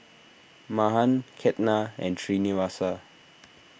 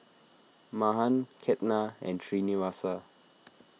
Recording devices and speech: boundary microphone (BM630), mobile phone (iPhone 6), read sentence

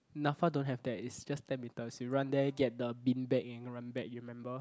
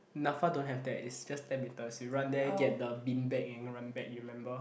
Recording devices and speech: close-talking microphone, boundary microphone, conversation in the same room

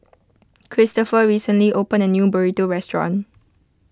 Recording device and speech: close-talking microphone (WH20), read sentence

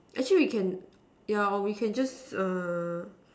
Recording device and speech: standing microphone, conversation in separate rooms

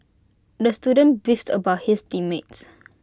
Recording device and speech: close-talking microphone (WH20), read sentence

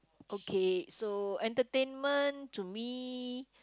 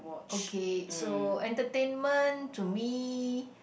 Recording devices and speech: close-talking microphone, boundary microphone, conversation in the same room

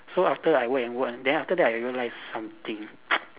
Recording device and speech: telephone, conversation in separate rooms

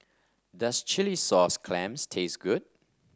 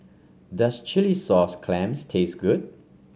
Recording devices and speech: standing microphone (AKG C214), mobile phone (Samsung C5), read sentence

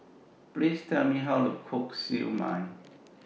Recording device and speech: mobile phone (iPhone 6), read sentence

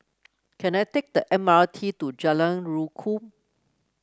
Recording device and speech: close-talking microphone (WH30), read sentence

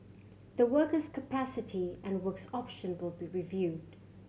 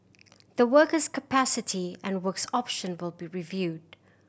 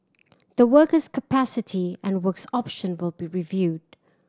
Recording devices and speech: mobile phone (Samsung C7100), boundary microphone (BM630), standing microphone (AKG C214), read sentence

